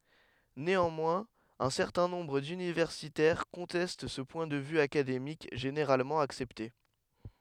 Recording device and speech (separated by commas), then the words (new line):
headset microphone, read sentence
Néanmoins, un certain nombre d'universitaires conteste ce point de vue académique généralement accepté.